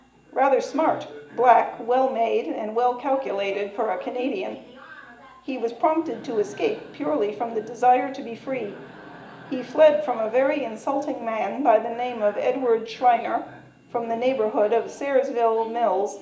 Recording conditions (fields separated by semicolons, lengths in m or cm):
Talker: one person; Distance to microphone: 1.8 m; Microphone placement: close; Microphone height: 1.0 m; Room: large; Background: television